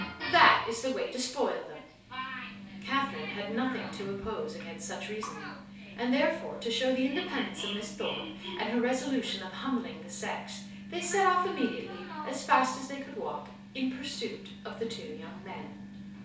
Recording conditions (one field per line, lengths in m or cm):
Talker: one person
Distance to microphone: 3.0 m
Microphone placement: far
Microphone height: 1.8 m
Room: small (3.7 m by 2.7 m)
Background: television